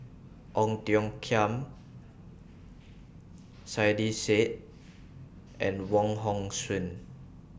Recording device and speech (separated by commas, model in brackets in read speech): boundary microphone (BM630), read sentence